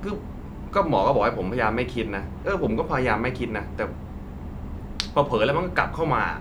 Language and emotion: Thai, frustrated